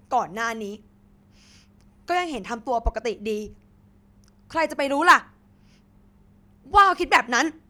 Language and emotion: Thai, angry